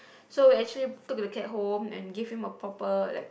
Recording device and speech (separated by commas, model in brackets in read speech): boundary microphone, conversation in the same room